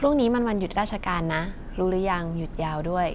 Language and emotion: Thai, neutral